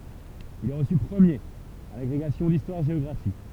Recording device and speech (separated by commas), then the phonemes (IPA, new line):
temple vibration pickup, read sentence
il ɛ ʁəsy pʁəmjeʁ a laɡʁeɡasjɔ̃ distwaʁʒeɔɡʁafi